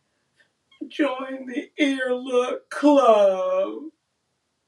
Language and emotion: English, sad